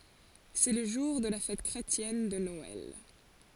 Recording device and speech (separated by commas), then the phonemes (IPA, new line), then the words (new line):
forehead accelerometer, read sentence
sɛ lə ʒuʁ də la fɛt kʁetjɛn də nɔɛl
C'est le jour de la fête chrétienne de Noël.